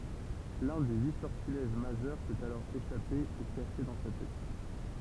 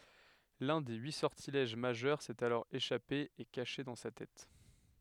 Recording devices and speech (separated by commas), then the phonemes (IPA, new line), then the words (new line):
temple vibration pickup, headset microphone, read sentence
lœ̃ de yi sɔʁtilɛʒ maʒœʁ sɛt alɔʁ eʃape e kaʃe dɑ̃ sa tɛt
L'un des huit sortilèges majeurs s'est alors échappé et caché dans sa tête.